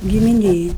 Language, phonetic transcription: Lithuanian, gimiˈnėj

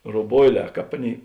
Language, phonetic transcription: Lithuanian, roˈboiˌlē ˈkāp ˈaˌnėi

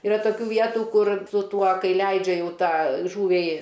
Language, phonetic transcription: Lithuanian, iˈra toˈkių ˈvietu ˈkur su ˈtuo ˈkai ˈleidžia ˈjau ˈtą ˈžūviai

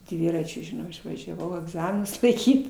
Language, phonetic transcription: Lithuanian, ˈdviračiu žiˈnau išvažiaˈvau agˈzaminus laiˈkyt

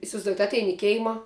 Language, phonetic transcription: Lithuanian, isivaizˈduojat ˈatein i ˈkeima

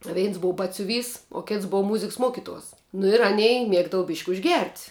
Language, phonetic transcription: Lithuanian, ˈveins ˈbou ˈbatsiuˌvys o ˈkėts ˈbou ˈmuziks ˈmuokiˌtuos nu ir aˈnei ˈmiegdava byšk' užˈgert'

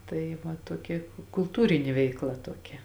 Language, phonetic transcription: Lithuanian, ˈtai ˈva tuoˈkia kulˈtūrinė ˈveikˌla tuoˈkia

